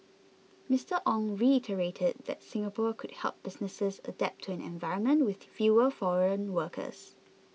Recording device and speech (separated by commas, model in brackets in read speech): mobile phone (iPhone 6), read sentence